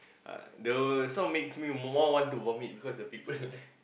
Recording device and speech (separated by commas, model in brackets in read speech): boundary microphone, conversation in the same room